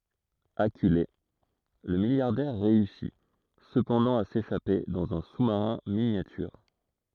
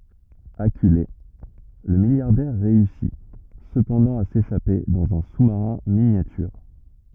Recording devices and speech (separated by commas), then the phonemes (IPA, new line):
throat microphone, rigid in-ear microphone, read sentence
akyle lə miljaʁdɛʁ ʁeysi səpɑ̃dɑ̃ a seʃape dɑ̃z œ̃ su maʁɛ̃ minjatyʁ